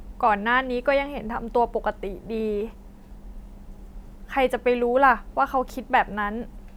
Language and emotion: Thai, sad